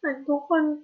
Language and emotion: Thai, sad